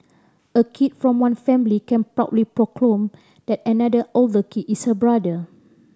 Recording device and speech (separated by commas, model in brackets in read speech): standing microphone (AKG C214), read sentence